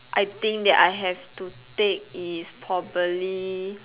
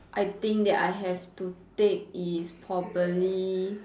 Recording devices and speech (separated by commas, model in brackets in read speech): telephone, standing microphone, conversation in separate rooms